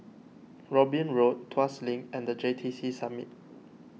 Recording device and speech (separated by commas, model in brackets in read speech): mobile phone (iPhone 6), read sentence